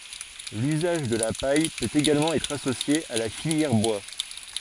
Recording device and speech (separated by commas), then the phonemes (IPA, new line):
forehead accelerometer, read sentence
lyzaʒ də la paj pøt eɡalmɑ̃ ɛtʁ asosje a la filjɛʁ bwa